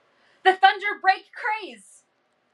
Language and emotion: English, surprised